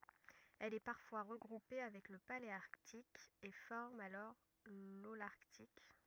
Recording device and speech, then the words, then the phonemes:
rigid in-ear microphone, read sentence
Elle est parfois regroupée avec le paléarctique et forme alors l'holarctique.
ɛl ɛ paʁfwa ʁəɡʁupe avɛk lə paleaʁtik e fɔʁm alɔʁ lolaʁtik

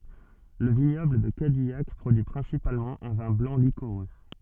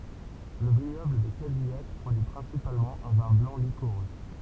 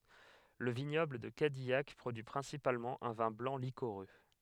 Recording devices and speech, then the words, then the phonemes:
soft in-ear microphone, temple vibration pickup, headset microphone, read sentence
Le vignoble de Cadillac produit principalement un vin blanc liquoreux.
lə viɲɔbl də kadijak pʁodyi pʁɛ̃sipalmɑ̃ œ̃ vɛ̃ blɑ̃ likoʁø

